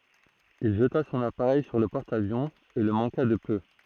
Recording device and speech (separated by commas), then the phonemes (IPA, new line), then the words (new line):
throat microphone, read sentence
il ʒəta sɔ̃n apaʁɛj syʁ lə pɔʁt avjɔ̃ e lə mɑ̃ka də pø
Il jeta son appareil sur le porte-avion et le manqua de peu.